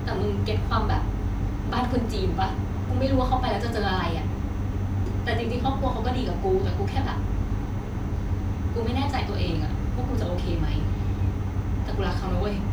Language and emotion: Thai, frustrated